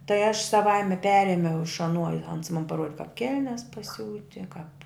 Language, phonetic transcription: Lithuanian, tai aš saˈvaime ˈperėmiau iš aˈnuo i ans man paˈruodi kap ˈkelnes paˈsiūti kap

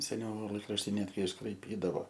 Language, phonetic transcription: Lithuanian, seˈniau ˈlaikrašti ˈnetgi iškraiˈpydavo

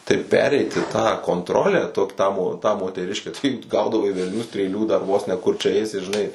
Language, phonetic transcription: Lithuanian, tai ˈpereiti tą kontˈrolę ˈtok ˈtą mo tą moteˈriškę tai ˈgaudavai velˈnių strėˈlių dar ˈvuos ne kur čia ˈeisi žiˈnai

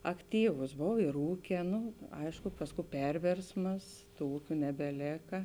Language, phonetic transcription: Lithuanian, akˈtyvus ˈbov ir ˈūkė ˈnu ˈaišku ˈpasˌkū ˈpervėrsmas ˈtų ˈūkiu nebeˈlėka

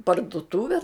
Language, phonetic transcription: Lithuanian, parduˈtuve

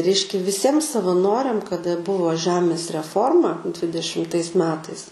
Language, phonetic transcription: Lithuanian, ˈreiškia viˈsiem savaˈnoriam kaˈda ˈbuvo ˈžemės reˈforma dvidešimˈtais ˈmetais

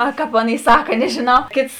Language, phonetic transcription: Lithuanian, a ˈkap ˈaˌˈnėi ˈsaka nežiˈnau ˈkėts

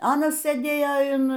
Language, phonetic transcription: Lithuanian, ˈanas sɘˈdėjo in

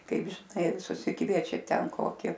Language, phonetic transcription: Lithuanian, ˈkaip žiˈnai susiˈkviečia ˈten ˈkoki

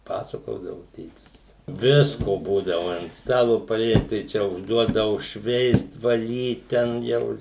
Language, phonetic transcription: Lithuanian, ˈpasakodavu ˈtėtis ˈvisko ˈbūdavu ant ˈstalo paˈliet tai ˈčia užˈduodavu ˈšveist vaˈlyt ˌten ˈjau

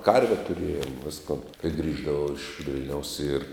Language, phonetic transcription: Lithuanian, ˈkarve tuˈrėjom ˈviskon kai ˈgrįždavau iš ˈvil'niaus ir

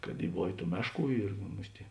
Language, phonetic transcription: Lithuanian, kad ˈy ˈbovė ˈtų ˈmešˌkų ir ˈmus't' i

